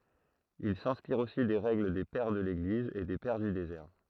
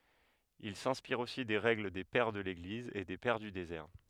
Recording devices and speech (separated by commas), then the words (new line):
throat microphone, headset microphone, read sentence
Ils s'inspirent aussi des règles des Pères de l'Église et des Pères du désert.